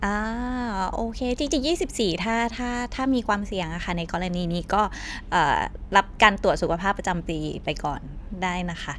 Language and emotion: Thai, neutral